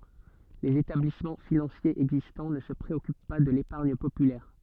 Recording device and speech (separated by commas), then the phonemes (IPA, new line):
soft in-ear microphone, read sentence
lez etablismɑ̃ finɑ̃sjez ɛɡzistɑ̃ nə sə pʁeɔkyp pa də lepaʁɲ popylɛʁ